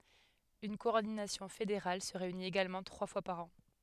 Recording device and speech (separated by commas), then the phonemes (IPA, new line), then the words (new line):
headset microphone, read sentence
yn kɔɔʁdinasjɔ̃ fedeʁal sə ʁeynit eɡalmɑ̃ tʁwa fwa paʁ ɑ̃
Une coordination fédérale se réunit également trois fois par an.